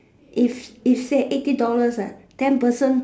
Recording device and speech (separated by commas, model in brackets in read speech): standing microphone, conversation in separate rooms